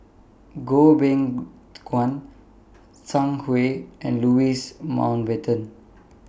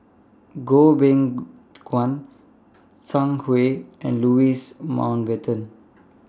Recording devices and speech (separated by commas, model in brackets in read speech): boundary microphone (BM630), standing microphone (AKG C214), read sentence